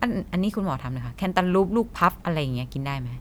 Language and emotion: Thai, neutral